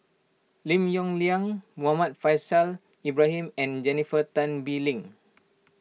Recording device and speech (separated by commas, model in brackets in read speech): mobile phone (iPhone 6), read sentence